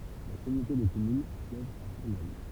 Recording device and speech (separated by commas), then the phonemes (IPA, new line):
temple vibration pickup, read sentence
la kɔmynote də kɔmyn sjɛʒ a fuʁnɔl